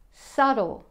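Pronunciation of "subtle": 'Subtle' is said the American and Australian way, with the b silent.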